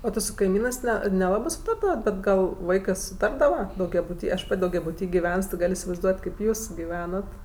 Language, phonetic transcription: Lithuanian, o ti su kaiˈmynɜs ˈne neˈlabɜ ˈsutardavat ˈbet ˈgal ˈvaikɜ suˈtardava daugiabuˈty aš ˈpat' daugiabuˈty giˈvens ti ˈgal' isivaizˈduot' ˈkėp ˈjūs giˈvenat

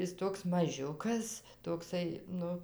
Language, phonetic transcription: Lithuanian, ˈis ˈtoks maˈžiukas tokˈsai ˈnu

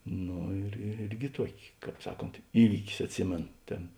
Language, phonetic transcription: Lithuanian, ˈno ir ir ˈirgi ˈtuoki ˈkāp ˈsaˌkont ˈįvykis atˈsimėno ˈtėn

